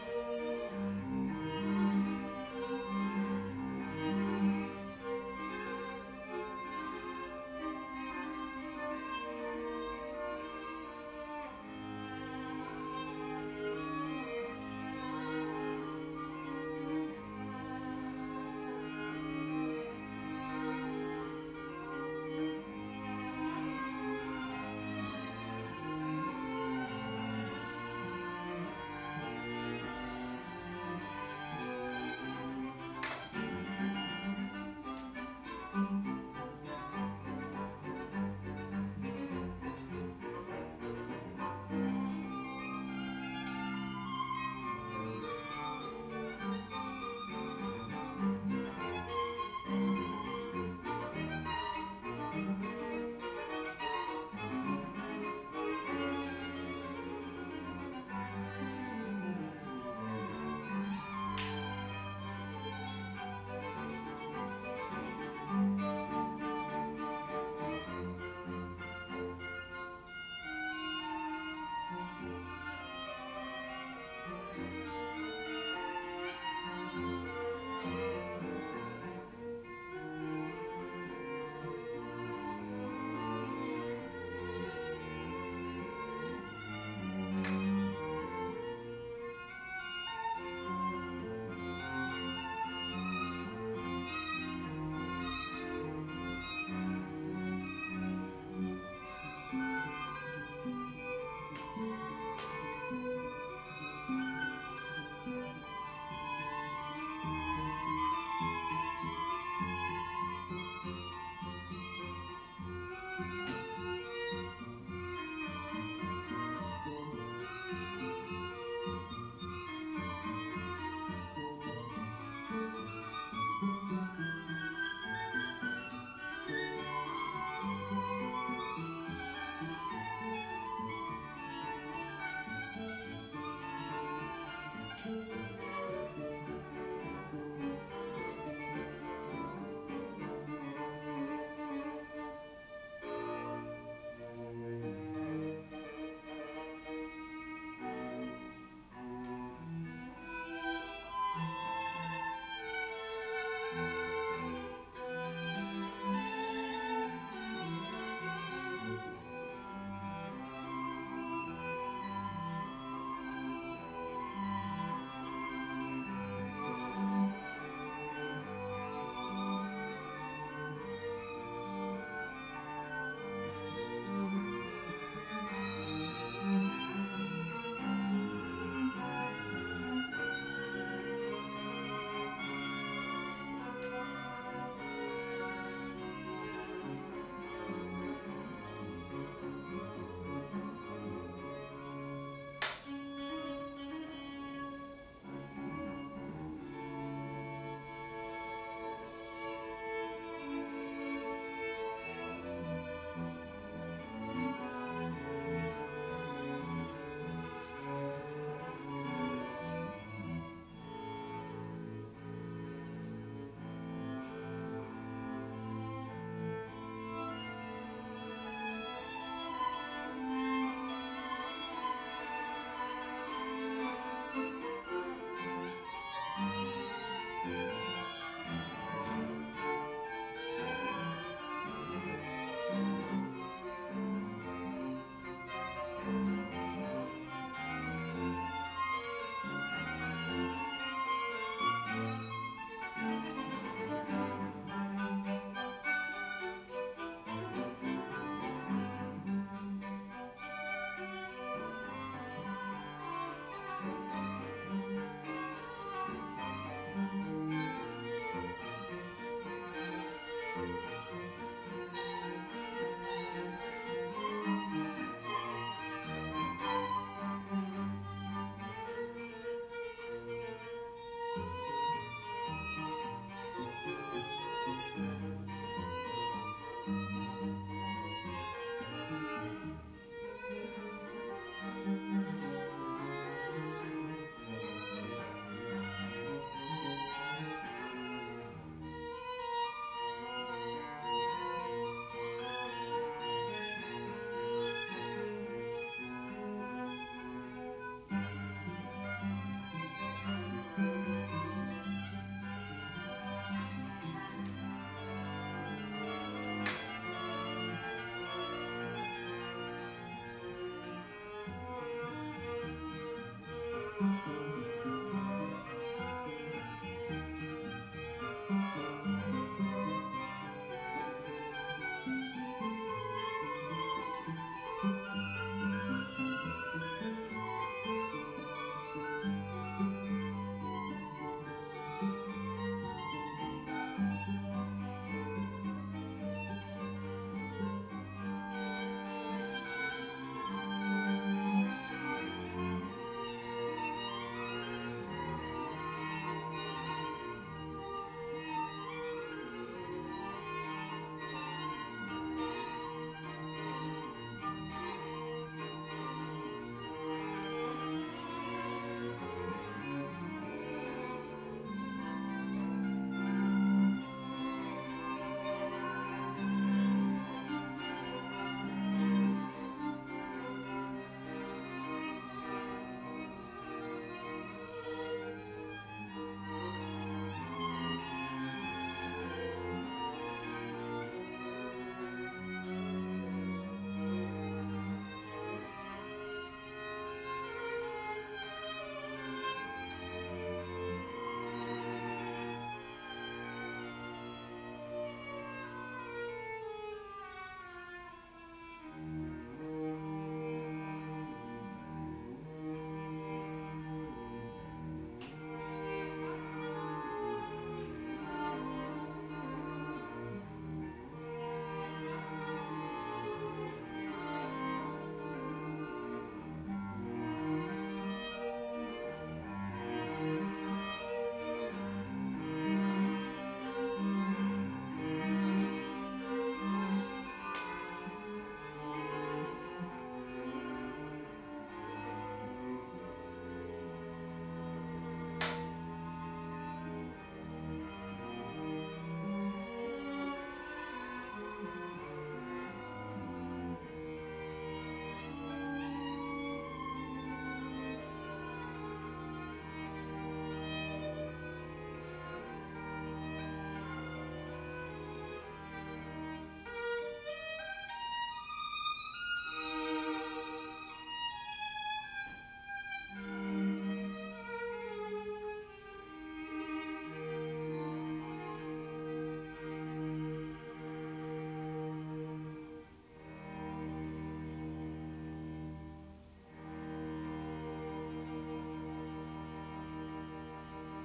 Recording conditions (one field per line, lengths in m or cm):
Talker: no one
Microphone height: 1.8 m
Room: small (3.7 m by 2.7 m)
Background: music